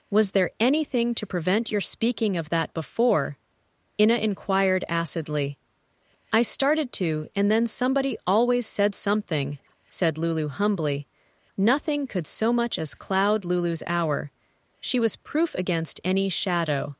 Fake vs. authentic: fake